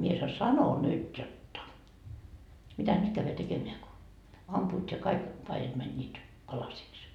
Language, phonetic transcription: Finnish, mie sa₍o » 'sano 'nyt jotta , 'mitä "nyt käyvä 'tekemeä ko , ampuut ja kaik , 'paijat mäńńiit , 'palasiks » .
- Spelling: minä sanoin sanoin nyt jotta mitä nyt käydä tekemään kun ampuvat ja kaikki paidat menivät palasiksi

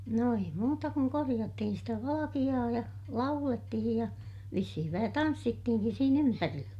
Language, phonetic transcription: Finnish, no ei muuta kuŋ koriʲattihin sitä valakiʲaa ja , laulettihij ja , vissihiv vähä tanssittihiŋkis siin ‿ympärillä .
- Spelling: no ei muuta kuin korjattiin sitä valkeaa ja laulettiin ja vissiin vähän tanssittiinkin siinä ympärillä

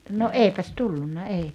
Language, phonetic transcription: Finnish, no "èipäs "tullunna 'ei .
- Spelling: no eipäs tullut ei

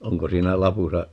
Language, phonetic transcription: Finnish, 'oŋko 'siinä "lapusa ,.
- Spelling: onko siinä lapussa

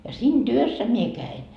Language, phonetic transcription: Finnish, ja "siin "työssä mie "käin .
- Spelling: ja siinä työssä minä kävin

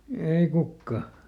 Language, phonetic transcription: Finnish, ˈei ˈkukka !
- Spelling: ei kukaan

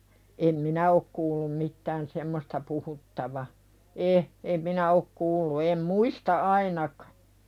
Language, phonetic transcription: Finnish, em "minä ok kuullum 'mittään semmosta puhuttava , 'e , em 'minä ok "kuullu em "muista "ainakᴀ .
- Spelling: en minä ole kuullut mitään semmoista puhuttavan - en minä ole kuullut en muista ainakaan

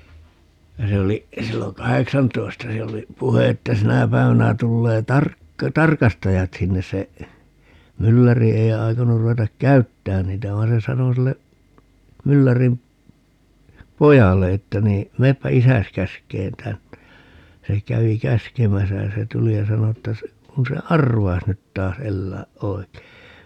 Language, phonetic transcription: Finnish, ja 'se oli , 'silloŋ "kaheksantoi̮sta - siɛl ‿oli , 'puhe että 'sinä päi̮vänä 'tullee "tark- , "tarkastajat 'sinnes se , 'mylläri ei̮ 'ai̮konur 'ru₍etak "käyttään niitä 'vai̮n se 'sano sille , 'myllärim , "pojalle että nii , » 'meeppä "isäs 'käsk̀een 'tänne » (ja) , 'se 'kävi "käskemäsä ja se 'tuli ja 'sano että se , » 'kun se "arvais nyt taas 'ellääʼ "ʼoi̮(kei) » .
- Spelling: ja se oli silloin kahdeksantoista siellä oli puhe että sinä päivänä tulee - tarkastajat sinne se mylläri ei aikonut ruveta käyttämään niitä vaan se sanoi sille myllärin pojalle että niin menepä isäsi käskemään tänne ja se kävi käskemässä ja se tuli ja sanoi että se kun se arvaisi nyt taas elää oikein

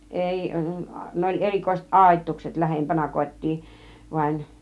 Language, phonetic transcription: Finnish, 'èi , 'ne oĺ 'erikòiset "ˀàit̆tuukset lähempänä 'kot́̆tii , vaĭn .
- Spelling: ei ne oli erikoiset aitaukset lähempänä kotia vain

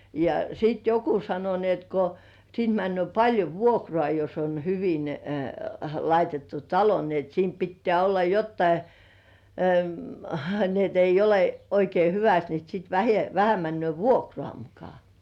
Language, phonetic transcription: Finnish, ja sìt "joku 'sano ni ‿et ko , siint männy̆ö̀ 'paĺjo "vuokrŏà jos on hyvin , 'laitettu "talo ni ‿et siim 'pittĕä̀ olla "jottai , ni ‿et ‿ei 'ole oikei "hyväst ni sit vähe- vähä männy̆ö̀ "vuokrŏà 'muka .
- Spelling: ja sitten joku sanoi niin että kun siitä menee paljon vuokraa jos on hyvin laitettu talo niin että siinä pitää olla jotakin niin että ei ole oikein hyvästi niin sitten - vähän menee vuokraa muka

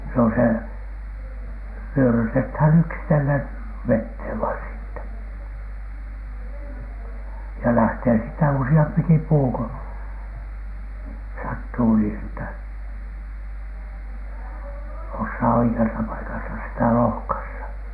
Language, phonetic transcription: Finnish, se on se , "wyörytethän 'yksitellen , "vethèv vain siittä , ja 'lähtee siittä "usi₍ampiki 'puu ko , "sattuu nii että , "ossaa oike₍asa paikasa sitä 'lohkassa .
- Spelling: se on se vyörytetään yksitellen veteen vain siitä ja lähtee siitä useampikin puu kun sattuu niin että osaa oikeassa paikassa sitä lohkaista

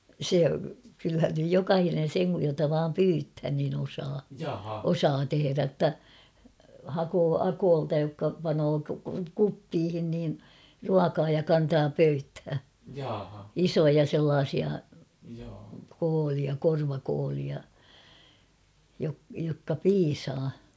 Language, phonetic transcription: Finnish, 'se , kylhän nyj "jokahinen̬ 'seŋ kuj jota vaam "pyythän niin ‿osaa , "osaa 'teherä ‿ttä , 'hakoo "akoolta jokka panoo "kuppiihin niin , "ruakaa ja 'kantaa ''pöythää , ''isoja 'sellaasia , koolia 'korvakoolia , jokka "piisaa .
- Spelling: se kyllähän nyt jokainen sen kun jota vain pyydetään niin osaa osaa tehdä että hakee akoilta jotka panee kuppiin niin ruokaa ja kantaa pöytään isoja sellaisia kooleja korvakooleja jotka piisaa

